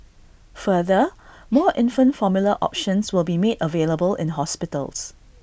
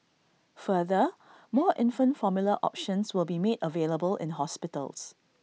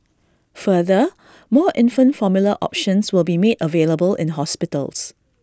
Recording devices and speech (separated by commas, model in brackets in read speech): boundary microphone (BM630), mobile phone (iPhone 6), standing microphone (AKG C214), read sentence